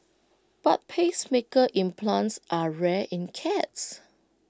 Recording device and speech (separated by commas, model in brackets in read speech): close-talking microphone (WH20), read sentence